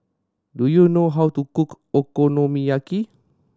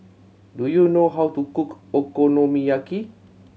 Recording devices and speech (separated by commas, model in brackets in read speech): standing microphone (AKG C214), mobile phone (Samsung C7100), read sentence